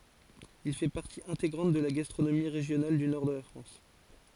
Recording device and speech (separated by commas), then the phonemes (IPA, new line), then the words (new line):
forehead accelerometer, read sentence
il fɛ paʁti ɛ̃teɡʁɑ̃t də la ɡastʁonomi ʁeʒjonal dy nɔʁ də la fʁɑ̃s
Il fait partie intégrante de la gastronomie régionale du nord de la France.